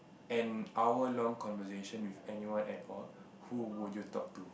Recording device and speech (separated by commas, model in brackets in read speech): boundary microphone, conversation in the same room